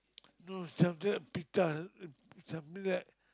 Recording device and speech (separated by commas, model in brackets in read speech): close-talking microphone, conversation in the same room